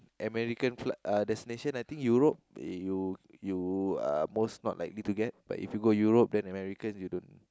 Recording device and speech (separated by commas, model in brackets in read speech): close-talking microphone, conversation in the same room